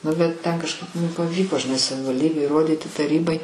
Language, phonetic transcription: Lithuanian, ˈnu bet ˈten kažˈkaip ˈmum paˈvyko žiˈnai savivalˈdybėj įˈrodyti taˈrybai

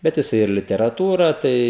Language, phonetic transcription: Lithuanian, ˈbet jiˈsai ir literaˈtūra ˈtai

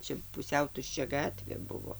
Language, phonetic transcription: Lithuanian, ˈčia puˈsiau tušˈčia ˈgatvė ˈbuvo

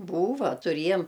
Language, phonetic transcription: Lithuanian, ˈbūva tuˈriejam

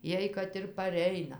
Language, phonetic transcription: Lithuanian, ˈjiej kad ir paˈreina

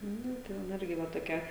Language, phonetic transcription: Lithuanian, ˈnu ˈten ˈirgi ˈva toˈkia

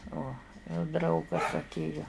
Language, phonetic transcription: Lithuanian, uo jau ˈdraugas atˈėjo

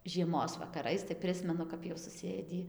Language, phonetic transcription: Lithuanian, žieˈmos vakaˈrais tai ˈprismenu kap jau suˈsėdį

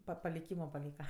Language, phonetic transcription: Lithuanian, pa paliˈkymo paˈlyka

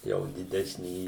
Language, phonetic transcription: Lithuanian, ˈjau diˈdesnį

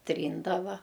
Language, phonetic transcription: Lithuanian, ˈtryndava

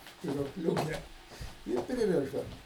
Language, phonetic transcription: Lithuanian, spiruokˈliūke ˈir priˈrišdam

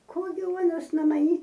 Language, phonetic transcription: Lithuanian, ˈko gi ˈuonas no maˈnį

